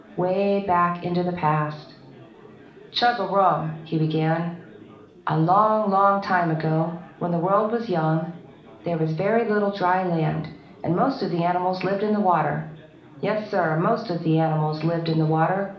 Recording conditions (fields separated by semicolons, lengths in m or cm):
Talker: one person; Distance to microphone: 2.0 m; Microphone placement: close; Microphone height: 99 cm; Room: medium-sized (5.7 m by 4.0 m); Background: babble